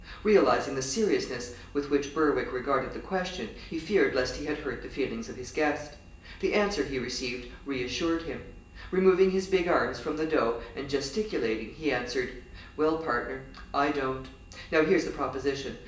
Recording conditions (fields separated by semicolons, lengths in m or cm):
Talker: one person; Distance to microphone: 1.8 m; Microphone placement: close; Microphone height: 1.0 m; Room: large; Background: none